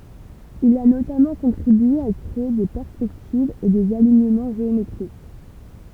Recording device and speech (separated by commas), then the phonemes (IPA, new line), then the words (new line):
temple vibration pickup, read sentence
il a notamɑ̃ kɔ̃tʁibye a kʁee de pɛʁspɛktivz e dez aliɲəmɑ̃ ʒeometʁik
Il a notamment contribué à créer des perspectives et des alignements géométriques.